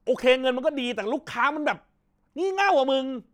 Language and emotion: Thai, angry